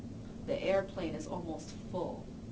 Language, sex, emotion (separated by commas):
English, female, neutral